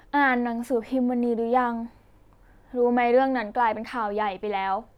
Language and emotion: Thai, frustrated